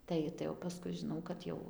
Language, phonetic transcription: Lithuanian, ˈtai tai o paˈskui žiˈnau kad ˈjau

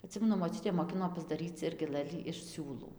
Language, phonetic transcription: Lithuanian, aˈtsimenu moˈčiutė moˈkino pasdaˈryc ˈirgi ˈlɘlį iš ˈsiūlų

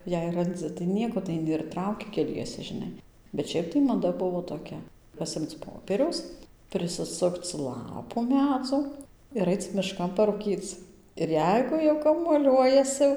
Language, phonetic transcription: Lithuanian, jei ranˈdzɨ tai ˈnieko tai aiˈni ir ˈtrauki keˈliese žiˈnai bet ˈšiaip tai maˈda ˈbuvo toˈkia paˈsimc ˈpopieriaus prisiˈsukc ˈlapu ˈmedzo ir ˈaic miˈškan parūˈkyc ir ˈjeigu jau kamuoˈliuojasi

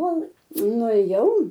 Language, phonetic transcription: Lithuanian, ˈkol nuėˈjau

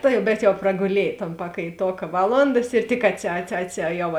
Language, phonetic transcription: Lithuanian, ˈtai bet jau praguˈliej ton pakaiˈtoka ˈvaˌlondas ir tik atsi atsi atsi ˈjau

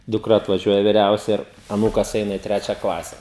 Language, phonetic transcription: Lithuanian, dukˈra atvaˈžiuoja viˈriausia ir aˈnūkas ˈeina i ˈtrečia ˈklase

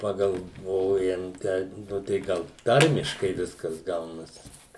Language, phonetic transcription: Lithuanian, pagalˈvojam ˈteip ˈnu tai ˈgal ˈtarmiškai ˈviskas ˈgaunas

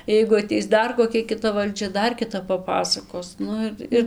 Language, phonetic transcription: Lithuanian, jeigu aˈteis ˈdar koˈkia kiˈta valˈdžia ˈdar kiˈtap paˈpasakos ˈnu ir ir

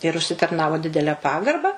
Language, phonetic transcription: Lithuanian, ir užsitarˈnavo ˈdidele ˈpagarba

